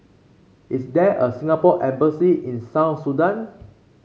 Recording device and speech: mobile phone (Samsung C5), read sentence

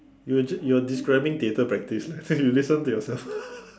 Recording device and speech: standing microphone, conversation in separate rooms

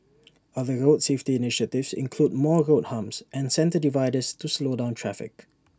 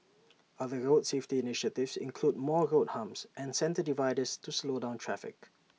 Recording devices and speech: standing microphone (AKG C214), mobile phone (iPhone 6), read sentence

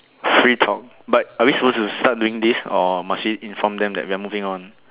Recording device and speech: telephone, conversation in separate rooms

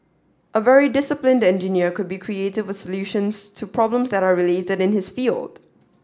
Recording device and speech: standing microphone (AKG C214), read sentence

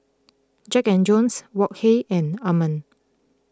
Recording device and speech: close-talking microphone (WH20), read sentence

